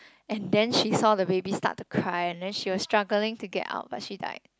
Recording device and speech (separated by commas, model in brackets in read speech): close-talking microphone, conversation in the same room